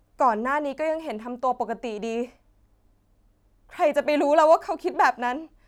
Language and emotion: Thai, sad